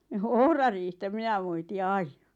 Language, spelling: Finnish, no ohrariihtä minä moitin aina
- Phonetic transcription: ɴᴏ "ohrariihtä 'minä moitɪ "aiɴᴀ .

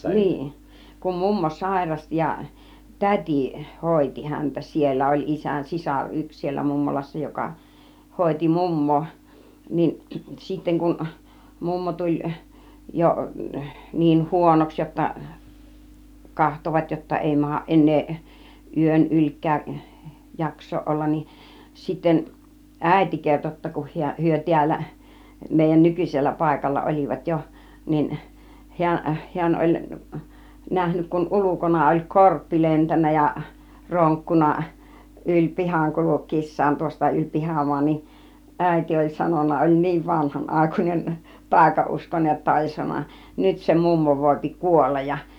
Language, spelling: Finnish, niin kun mummo sairasti ja täti hoiti häntä siellä oli isän sisar yksi siellä mummolassa joka hoiti mummoa niin sitten kun mummo tuli jo niin huonoksi jotta katsoivat jotta ei mahda enää yön ylikään jaksaa olla niin sitten äiti kertoi jotta kun hän he täällä meidän nykyisellä paikalla olivat jo niin hän hän oli nähnyt kun ulkona oli korppi lentänyt ja ronkkunut yli pihan kulkiessaan tuosta yli pihamaan niin äiti oli sanonut oli niin vanhanaikainen taikauskoinen jotta oli sanonut nyt se mummo voi kuolla ja
- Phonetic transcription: 'niin , kum 'mummo "sàirasti ja , "tät͕i , 'hòiti 'häntä siellä , oĺ isän "sisar 'yks siellä 'mummolassa joka , 'hòiti "mum̀moo , niin , 'sitteŋ kun , 'mummo 'tuĺ , jo , niin 'huonoks jotta , 'kahtovat jotta 'èi mahaˀ 'ˀen̆neeˀ , 'yön "yl͕ik̆kääˀ , 'jaks̆sooˀ 'ˀollan nin , 'sitten , "ˀä̀iti 'kerto jotta kuh hiä , 'hyö 'ti̬ällä , mèijän "nykyⁱsellä 'pàikalla "ol͕ivat jo , 'nin , 'hiän , 'hiän oĺ , 'nähnyk kun "ulukona oĺ "korppi 'lentännä ja , 'roŋkkunna , 'yĺ "pihaŋ 'kuluk̆kiis̆saan tuosta 'yĺ "pihamuan nin , 'ˀä̀iti oĺ 'sanon̆na , oĺ "niiv 'vanhan'ˀàikuinen , "tàika₍uskonej jotta oĺ 'sanona , » "nyt se 'mummo vòipi "kuollaj ja « .

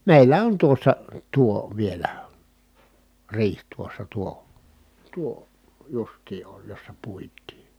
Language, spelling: Finnish, meillä on tuossa tuo vielä riihi tuossa tuo tuo justiin on jossa puitiin
- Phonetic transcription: mèillä on tuossa , tuo , vielä , riih tuossa tuo , tuo , justii oj jossa puit̆tii .

